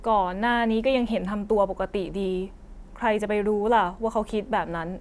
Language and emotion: Thai, frustrated